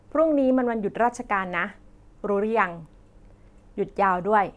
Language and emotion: Thai, neutral